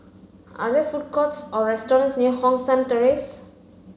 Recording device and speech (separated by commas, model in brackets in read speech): mobile phone (Samsung C5), read sentence